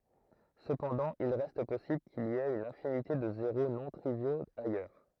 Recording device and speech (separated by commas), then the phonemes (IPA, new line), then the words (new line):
throat microphone, read sentence
səpɑ̃dɑ̃ il ʁɛst pɔsibl kil i ɛt yn ɛ̃finite də zeʁo nɔ̃ tʁivjoz ajœʁ
Cependant il reste possible qu'il y ait une infinité de zéros non triviaux ailleurs.